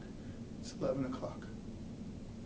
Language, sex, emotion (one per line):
English
male
neutral